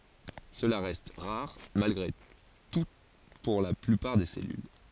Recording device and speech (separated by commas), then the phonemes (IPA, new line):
forehead accelerometer, read sentence
səla ʁɛst ʁaʁ malɡʁe tu puʁ la plypaʁ de sɛlyl